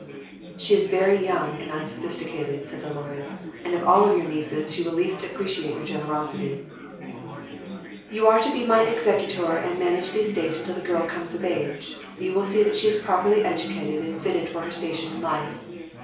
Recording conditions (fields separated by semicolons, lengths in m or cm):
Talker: one person; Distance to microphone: 3.0 m; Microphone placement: far; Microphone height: 1.8 m; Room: small (3.7 m by 2.7 m); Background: babble